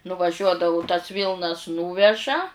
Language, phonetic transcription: Lithuanian, nuvaˈžiuodavu tas ˈvylnas ˈnūveža

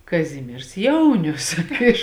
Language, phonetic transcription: Lithuanian, kaˈzimiers ˈjaunius ˈiš

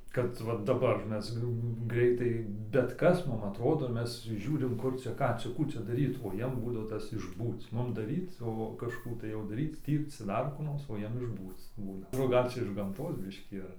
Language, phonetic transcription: Lithuanian, kad ˈva daˈbar ˈmes ˈgreitai bet ˈkas ˈmum atˈrodo ˈmes ˈžiūrim ˈkur čia ˈką čia ˈkų čia daˈryt o ˈjiem ˈbūdavo ˈtas išˈbūc ˈmum daˈryc o kažˈkų tai o daˈryc ˈtyrc ˈdar kų ˈnors o ˈjiem išˈbūc ˈbūna ˈgal' čia iš gamˈtos ˈbiškį ar

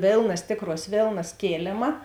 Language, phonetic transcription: Lithuanian, ˈvėlnas ˈtėkˌruos ˈvėlnas ˈkėlėma

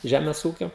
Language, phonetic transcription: Lithuanian, ˈžemes ˈūkio

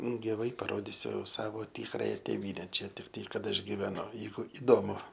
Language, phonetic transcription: Lithuanian, giˈvai paˈrodisiu ˈsavo ˈtikraja tėˈvyne ˈčia tikˈtai ˈkad ˈaš giveˈnu ˈjeigu iˈdomu

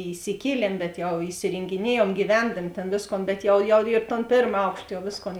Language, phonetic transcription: Lithuanian, įsiˈkieliem bet ˈjau isirėngiˈniejuom gyˈvendami ˈtėn ˈvėsˌkon bet ˈjau jau ir ton ˈpėrm ˈaukšt jau ˈvėsˌkon

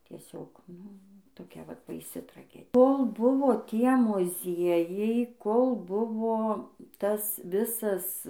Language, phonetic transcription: Lithuanian, tieˈsiog ˈnu toˈkia ˈvat baiˈsi traˈge ˈkol ˈbuvo ˈtie muˈziejai ˈkol ˈbuvo ˈtas ˈvisas

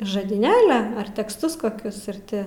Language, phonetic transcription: Lithuanian, žadyˈnėlia ˈar teksˈtus koˈkius ir ˈti

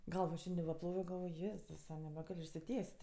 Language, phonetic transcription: Lithuanian, ˈgalvo ˈšiandi va ˈplovio galˈvoj ˈjėzusa nebeˈgal' išsiˈtiest'

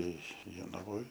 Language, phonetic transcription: Lithuanian, ˈtai jonaˈvoj

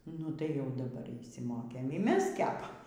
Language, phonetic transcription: Lithuanian, ˈnu tai jau daˈbar išsimokėm y ˈmes ˈkepam

